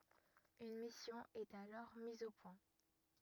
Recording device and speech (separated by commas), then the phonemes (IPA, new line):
rigid in-ear microphone, read sentence
yn misjɔ̃ ɛt alɔʁ miz o pwɛ̃